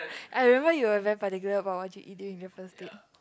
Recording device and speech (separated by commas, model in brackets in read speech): close-talking microphone, conversation in the same room